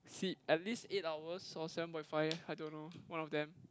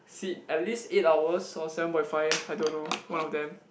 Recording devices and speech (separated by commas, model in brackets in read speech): close-talking microphone, boundary microphone, conversation in the same room